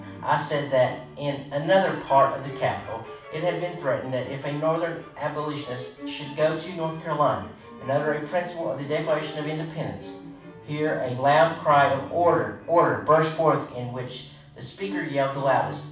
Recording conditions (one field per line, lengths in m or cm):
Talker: one person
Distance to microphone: 5.8 m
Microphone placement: far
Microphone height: 1.8 m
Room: medium-sized (5.7 m by 4.0 m)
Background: music